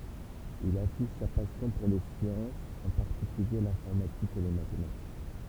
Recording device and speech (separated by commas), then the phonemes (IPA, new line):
temple vibration pickup, read sentence
il afiʃ sa pasjɔ̃ puʁ le sjɑ̃sz ɑ̃ paʁtikylje lɛ̃fɔʁmatik e le matematik